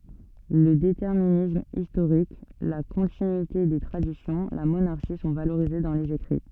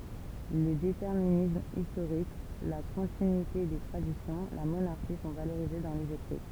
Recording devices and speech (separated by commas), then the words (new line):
soft in-ear microphone, temple vibration pickup, read sentence
Le déterminisme historique, la continuité des traditions, la monarchie sont valorisés dans les écrits.